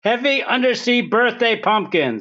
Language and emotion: English, fearful